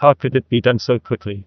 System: TTS, neural waveform model